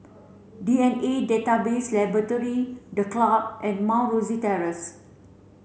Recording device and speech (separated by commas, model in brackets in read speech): mobile phone (Samsung C7), read sentence